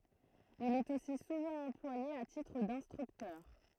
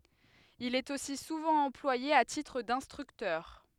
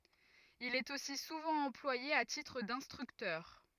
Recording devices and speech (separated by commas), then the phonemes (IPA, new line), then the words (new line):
throat microphone, headset microphone, rigid in-ear microphone, read sentence
il ɛt osi suvɑ̃ ɑ̃plwaje a titʁ dɛ̃stʁyktœʁ
Il est aussi souvent employé à titre d'instructeur.